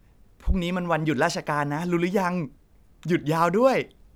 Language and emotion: Thai, happy